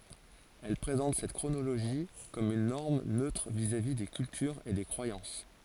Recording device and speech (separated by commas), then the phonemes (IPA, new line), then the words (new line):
forehead accelerometer, read sentence
ɛl pʁezɑ̃t sɛt kʁonoloʒi kɔm yn nɔʁm nøtʁ vizavi de kyltyʁz e de kʁwajɑ̃s
Elles présentent cette chronologie comme une norme neutre vis-à-vis des cultures et des croyances.